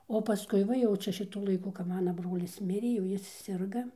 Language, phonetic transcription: Lithuanian, o paˈskui ˈva jau ˈčia šiˈtu laiˈku kap ˈmana ˈbrolis ˈmirė jau ˈjis ˈsirga

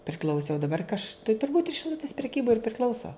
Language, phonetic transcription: Lithuanian, priˈkl'ausi o daˈbar ka aš tai turˈbūt šiˈlutis preˈkybai ir priˈkl'auso

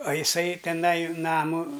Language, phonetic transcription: Lithuanian, a iˈsai teˈnai ˈnamu

